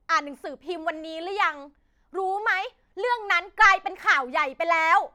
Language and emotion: Thai, angry